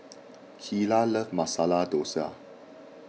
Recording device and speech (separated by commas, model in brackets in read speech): mobile phone (iPhone 6), read sentence